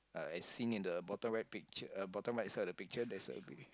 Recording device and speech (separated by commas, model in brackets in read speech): close-talking microphone, conversation in the same room